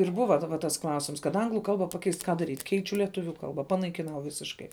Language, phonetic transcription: Lithuanian, ir ˈbuva daˈba tas ˈklausims kad ˈanglu ˈkalba paˈkeist ˈką ˈdaryt' ˈkeičiu lieˈtuviu ˈkalba panaikiˈnau ˈvisiškai

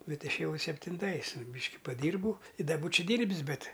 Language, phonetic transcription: Lithuanian, ˈbet ˈišėˈjau septinˈtais ˈbyški paˈdyrbau i ˈda ˈbūčia ˈdyrbis ˈbet

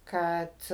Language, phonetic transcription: Lithuanian, ˈkad

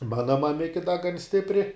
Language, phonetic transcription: Lithuanian, ˈmana maˈmiki da gan ˈstipri

